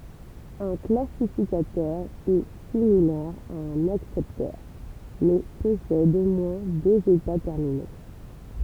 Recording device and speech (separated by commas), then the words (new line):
temple vibration pickup, read sentence
Un classificateur est similaire à un accepteur, mais possède au moins deux états terminaux.